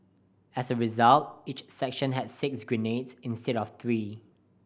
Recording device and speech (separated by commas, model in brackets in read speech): boundary microphone (BM630), read sentence